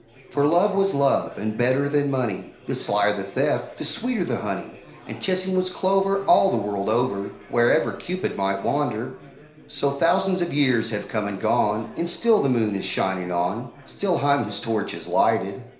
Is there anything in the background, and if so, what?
Crowd babble.